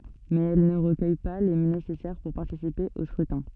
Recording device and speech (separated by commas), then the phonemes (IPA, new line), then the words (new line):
soft in-ear microphone, read sentence
mɛz ɛl nə ʁəkœj pa le nesɛsɛʁ puʁ paʁtisipe o skʁytɛ̃
Mais elle ne recueille pas les nécessaires pour participer au scrutin.